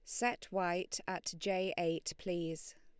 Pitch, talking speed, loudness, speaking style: 185 Hz, 140 wpm, -38 LUFS, Lombard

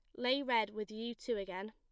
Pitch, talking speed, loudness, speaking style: 225 Hz, 240 wpm, -37 LUFS, plain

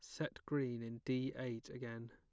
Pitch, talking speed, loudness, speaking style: 125 Hz, 190 wpm, -43 LUFS, plain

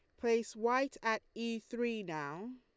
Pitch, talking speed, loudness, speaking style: 230 Hz, 155 wpm, -37 LUFS, Lombard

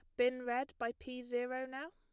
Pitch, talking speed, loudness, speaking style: 250 Hz, 210 wpm, -39 LUFS, plain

